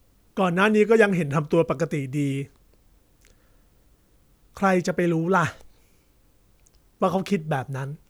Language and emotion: Thai, neutral